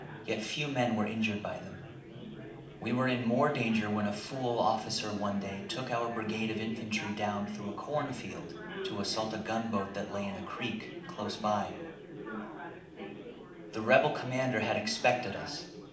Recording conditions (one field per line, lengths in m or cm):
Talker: one person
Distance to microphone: 2.0 m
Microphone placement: close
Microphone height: 99 cm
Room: medium-sized (5.7 m by 4.0 m)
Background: babble